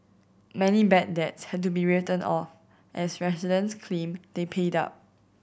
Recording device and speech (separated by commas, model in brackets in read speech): boundary microphone (BM630), read sentence